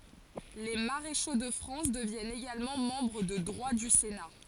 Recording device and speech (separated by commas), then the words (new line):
forehead accelerometer, read sentence
Les maréchaux de France deviennent également membres de droit du Sénat.